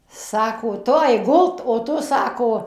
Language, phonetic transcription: Lithuanian, ˈsako ˈtu ˈaik ˈgult o ˈtu ˈsako

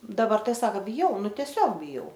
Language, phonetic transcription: Lithuanian, daˈbar ˈtai ˈsaka biˈjau ˈnu tieˈsiog biˈjau

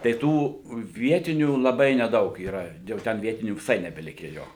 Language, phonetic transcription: Lithuanian, tai ˈtų ˈvietinių laˈbai neˈdaug yˈra jau ˈten ˈvietinių viˈsai nebeˈlikę ˈjo

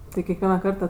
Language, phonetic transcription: Lithuanian, ˈtai kekˈviena ˈkarta

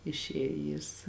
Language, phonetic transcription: Lithuanian, išˈėj jis

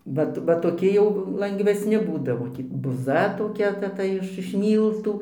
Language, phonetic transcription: Lithuanian, ˈvat va toˈki jau langvesˈni ˈbūdavo ˈtį buˈza toˈkia ˈta ˈta iš iš ˈmyltų

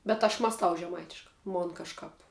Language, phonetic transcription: Lithuanian, bet aš mąsˈtau žeˈmaitiškā ˈmon kažˈkāp

